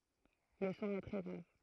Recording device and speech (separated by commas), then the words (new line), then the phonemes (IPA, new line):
throat microphone, read sentence
Le son est très grave.
lə sɔ̃ ɛ tʁɛ ɡʁav